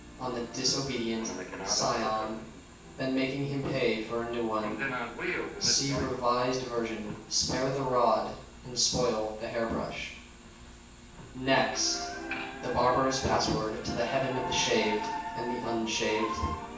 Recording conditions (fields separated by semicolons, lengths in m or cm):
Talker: one person; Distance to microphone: 9.8 m; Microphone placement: far; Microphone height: 1.8 m; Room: large; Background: television